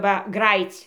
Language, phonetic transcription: Lithuanian, ˈva ˈgrajyc'

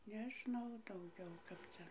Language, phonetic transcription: Lithuanian, neˈžnau dauˈgiau ˈkap cia

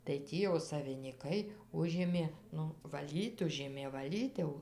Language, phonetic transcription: Lithuanian, tai ˈtį jau savinyˈkai ˈužėmė ˈnu vaˈlyt ˈužėmė vaˈlyt jau

